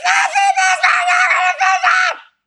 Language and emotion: English, neutral